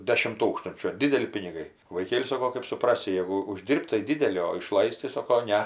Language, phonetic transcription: Lithuanian, ˈdešim ˈtūkstunčių ar ˈdideli piniˈgai vaiˈkėli ˈsako kɜp suˈprasi ˈjegu uˈždyrb't' tai ˈdideli o iˈšlais't' tai ˈsoko ˈne

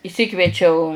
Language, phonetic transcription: Lithuanian, išˈsikviečiau

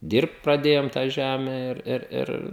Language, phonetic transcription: Lithuanian, ˈdyrbt praˈdėjom tą ˈžæme ir ˈir ˈir

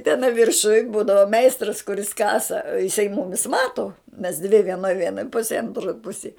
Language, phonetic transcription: Lithuanian, teˈnai virˈšuj ˈbūdavo ˈmeistras kuˈris ˈkasa iˈsai ˈmumis ˈmato mes dvi vieˈnoj ˈviena ˈpusėj anˈtroj ˈpusėj

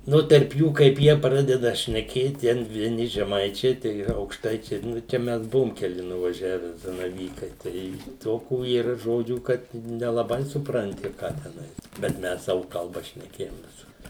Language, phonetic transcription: Lithuanian, ˈnu terp ˈjų kaip ˈjie ˈpradeda šneˈkėt ˈten vieˈni žeˈmaičiai ˈtai aukšˈtaičiai ˈnu čia ˈmes ˈbuvum keˈli nuvaˈžiave zanaˈvykai ˈtai ˈtokų yˈra ˈžodžių ˈkad i nelaˈbai supranˈti ˈką teˈnai bet ˈmes ˈsavu kalˈba šneˈkėjom ˈvisur

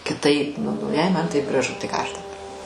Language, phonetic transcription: Lithuanian, kiˈtaip ˈnu nu jei ˈman ˈtaip graˈžu tai ˈką ˈaš daˈbar

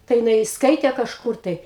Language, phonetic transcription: Lithuanian, tai jiˈnai ˈskaitė kažˈkur tai

